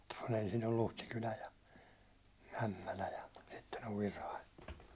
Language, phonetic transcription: Finnish, kun ‿ensin on 'Luhtikylä ja , 'Ämmälä ja , sitten ‿ov 'Virai .
- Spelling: kun ensin on Luhtikylä ja Ämmälä ja sitten on Virai

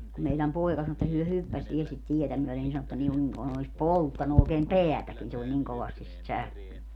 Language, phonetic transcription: Finnish, ku meiläm 'poi̮ka sano että hyö 'hyppäs viɛl sit 'tietä myɔ̈̀len nin 'sano ‿ttä niŋkun , kun ‿ois "polttanu ookeem "peätäkin se oĺ niŋ 'kovastis sit 'särkeny .
- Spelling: kun meidän poika sanoi että he hyppäsi vielä sitä tietä myöden niin sanoi että niin kuin kuin olisi polttanut oikein päätäkin se oli niin kovasti sitä särkenyt

